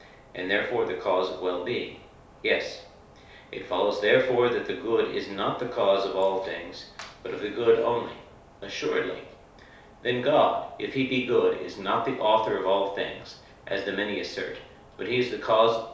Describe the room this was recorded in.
A compact room (about 3.7 m by 2.7 m).